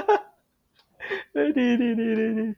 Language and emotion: Thai, happy